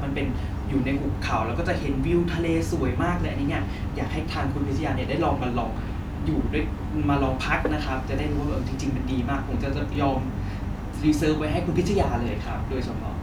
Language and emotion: Thai, happy